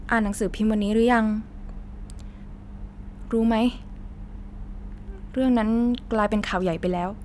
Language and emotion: Thai, neutral